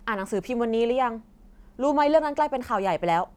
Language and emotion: Thai, angry